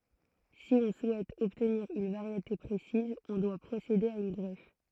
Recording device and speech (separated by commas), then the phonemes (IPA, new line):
throat microphone, read sentence
si ɔ̃ suɛt ɔbtniʁ yn vaʁjete pʁesiz ɔ̃ dwa pʁosede a yn ɡʁɛf